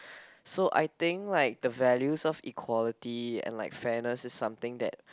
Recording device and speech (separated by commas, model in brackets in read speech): close-talking microphone, conversation in the same room